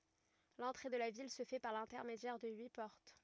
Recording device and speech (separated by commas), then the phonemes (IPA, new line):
rigid in-ear microphone, read sentence
lɑ̃tʁe də la vil sə fɛ paʁ lɛ̃tɛʁmedjɛʁ də yi pɔʁt